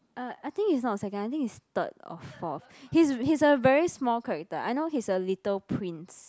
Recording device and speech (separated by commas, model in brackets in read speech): close-talking microphone, conversation in the same room